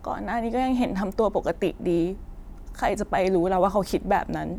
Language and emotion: Thai, sad